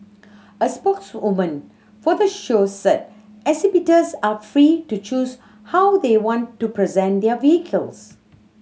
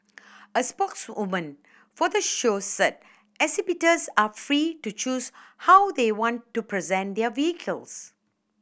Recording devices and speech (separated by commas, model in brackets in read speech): mobile phone (Samsung C7100), boundary microphone (BM630), read sentence